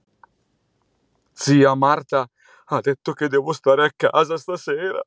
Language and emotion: Italian, fearful